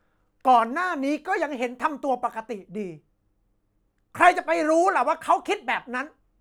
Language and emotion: Thai, angry